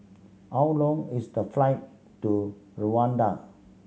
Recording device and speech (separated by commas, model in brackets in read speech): mobile phone (Samsung C7100), read sentence